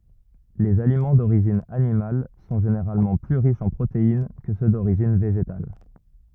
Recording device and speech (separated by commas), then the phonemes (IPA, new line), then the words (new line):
rigid in-ear microphone, read sentence
lez alimɑ̃ doʁiʒin animal sɔ̃ ʒeneʁalmɑ̃ ply ʁiʃz ɑ̃ pʁotein kə sø doʁiʒin veʒetal
Les aliments d'origine animale sont généralement plus riches en protéines que ceux d'origine végétale.